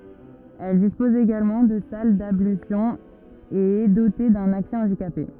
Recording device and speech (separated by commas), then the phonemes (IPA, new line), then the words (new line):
rigid in-ear microphone, read sentence
ɛl dispɔz eɡalmɑ̃ də sal dablysjɔ̃z e ɛ dote dœ̃n aksɛ ɑ̃dikape
Elle dispose également de salles d'ablutions et est dotée d'un accès handicapés.